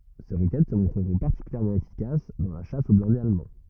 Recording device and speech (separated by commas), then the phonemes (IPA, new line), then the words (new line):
rigid in-ear microphone, read sentence
se ʁokɛt sə mɔ̃tʁəʁɔ̃ paʁtikyljɛʁmɑ̃ efikas dɑ̃ la ʃas o blɛ̃dez almɑ̃
Ces roquettes se montreront particulièrement efficaces dans la chasse aux blindés allemands.